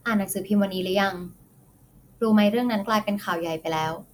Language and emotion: Thai, neutral